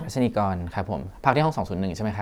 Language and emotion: Thai, neutral